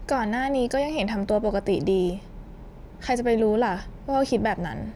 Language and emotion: Thai, neutral